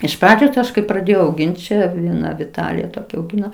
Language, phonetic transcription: Lithuanian, iš ˈpradžios ˈaš kai praˈdėjau auˈgint' čia vieˈna viˈtalija toˈkia auˈgino

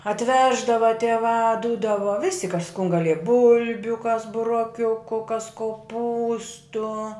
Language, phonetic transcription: Lithuanian, atˈveždava tieˈvā ˈdūdava visi kas kun gaˈlieja ˈbulbiu kas buroˈkiuku kas koˈpūstu

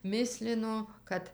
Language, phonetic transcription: Lithuanian, ˈmislino ˈkad

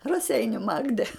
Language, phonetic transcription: Lithuanian, raˈseiniu ˈmagde

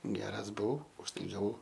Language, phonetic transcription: Lithuanian, ˈgeras buˈvau už ˈtai gaˈvau

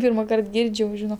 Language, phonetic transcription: Lithuanian, ˈpyrmaˌkart ˈgirdž' jau ˈžino

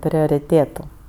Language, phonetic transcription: Lithuanian, prioriˈtėtu

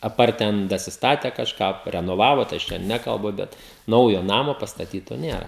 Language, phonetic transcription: Lithuanian, aˈpart ˈten dasisˈtate kažˈką parenoˈvavo tai ˈaš ten ˈnekalbu ˈbet ˈnaujo ˈnamo pastaˈtyto ˈnėra

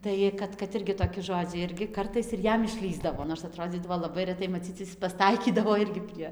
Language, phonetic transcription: Lithuanian, ˈtai kad kad ˈirgi toˈki ˈžodziai ˈirgi ˈkartais ir ˈjam išˈlįsdavo nors aˈtrodzydavo laˈbai reˈtai maˈcyc pasˈtaikydavo ˈirgi prie

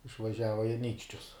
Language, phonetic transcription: Lithuanian, išvaˈžiava i aˈnykščius

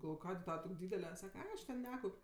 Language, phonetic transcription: Lithuanian, galˈvoj ˈkadė ˈtava ˈtok' ˈdydele ˈsaka ˈai aš ˈten ˈnekaup'

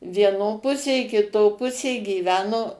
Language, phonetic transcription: Lithuanian, vieˈno ˈpusė kiˈto ˈpusė gyˈveno

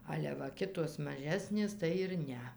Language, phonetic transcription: Lithuanian, ˈale va ˈkitos maˈžesnės tai ir ˈne

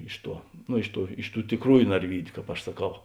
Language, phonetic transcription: Lithuanian, ˈiš ˌtuo no ˈiš ˌtų ˈiš ˌtų tiˈkrųju narˈvydiu kāp aš saˈkau

